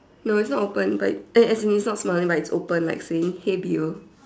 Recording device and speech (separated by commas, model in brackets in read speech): standing microphone, conversation in separate rooms